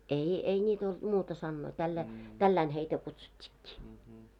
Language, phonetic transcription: Finnish, ei , 'ei 'ńiit ‿olᴅ 'muuta sannoi tälläi , "tälläin heitä 'kutsut́t́ɪkkɪ .
- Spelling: ei ei niitä ollut muuta sanoja tällä lailla tällä lailla heitä kutsuttiinkin

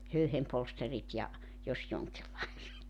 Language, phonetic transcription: Finnish, 'höyhempolsterit ja , 'jos 'joŋkillaiset .
- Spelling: höyhenpolsterit ja jos jonkinlaiset

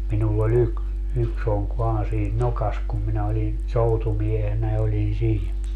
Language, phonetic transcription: Finnish, 'minull ‿o'ĺ ‿yk- , 'yks ‿oŋk 'vaan siin "nokas kum minä oĺi , "soutumiehenä oĺin 'sii(nä) .
- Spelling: minulla oli - yksi onki vain siinä nokassa kun minä olin soutumiehenä olin siinä

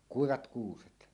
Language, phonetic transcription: Finnish, kuivat "kuuset .
- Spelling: kuivat kuuset

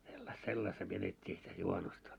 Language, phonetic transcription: Finnish, sellas- 'sellasta vietet́t́ii sitä 'juhanusta .
- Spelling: - sellaista vietettiin sitä juhannusta

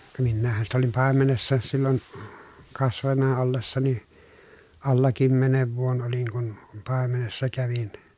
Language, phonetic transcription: Finnish, ka minnäähhän sitä olim pàemenessa sillon , kasvanna ollessani , alla kymmenev vuon oliŋ kun , pàemenessa kävin .
- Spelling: ka minähän sitä olin paimenessa silloin kasvanut ollessani alla kymmenen vuoden olin kun paimenessa kävin

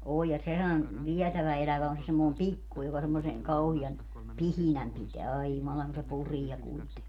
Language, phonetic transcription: Finnish, oo ja 'sehän , 'viɛtävä 'elävä on se semmòi̮m "pikku joka semmose , 'kauhi)an , "pihinäm piteä - 'ai 'jumalaŋ ku se "puriɛ kuite - .
- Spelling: on ja sehän vietävä elävä on se semmoinen pikku joka semmoisen kauhean pihinän pitää ai jumalan kun se puree -

